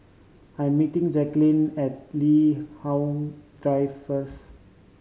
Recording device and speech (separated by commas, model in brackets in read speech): mobile phone (Samsung C5010), read sentence